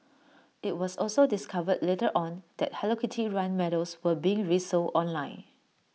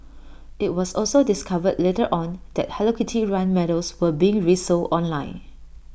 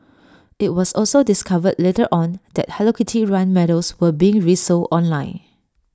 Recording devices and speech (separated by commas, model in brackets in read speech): mobile phone (iPhone 6), boundary microphone (BM630), standing microphone (AKG C214), read sentence